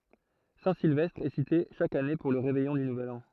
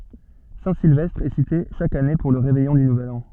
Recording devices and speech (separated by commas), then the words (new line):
throat microphone, soft in-ear microphone, read sentence
Saint-Sylvestre est cité chaque année pour le réveillon du nouvel an.